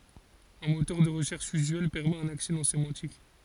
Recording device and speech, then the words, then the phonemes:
forehead accelerometer, read sentence
Un moteur de recherche usuel permet un accès non sémantique.
œ̃ motœʁ də ʁəʃɛʁʃ yzyɛl pɛʁmɛt œ̃n aksɛ nɔ̃ semɑ̃tik

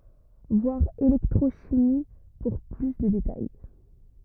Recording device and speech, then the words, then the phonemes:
rigid in-ear microphone, read sentence
Voir électrochimie pour plus de détails.
vwaʁ elɛktʁoʃimi puʁ ply də detaj

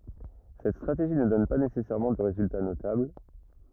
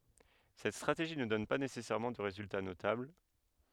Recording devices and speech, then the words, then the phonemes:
rigid in-ear microphone, headset microphone, read sentence
Cette stratégie ne donne pas nécessairement de résultat notable.
sɛt stʁateʒi nə dɔn pa nesɛsɛʁmɑ̃ də ʁezylta notabl

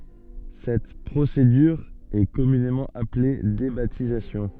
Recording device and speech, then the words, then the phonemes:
soft in-ear microphone, read sentence
Cette procédure est communément appelée débaptisation.
sɛt pʁosedyʁ ɛ kɔmynemɑ̃ aple debatizasjɔ̃

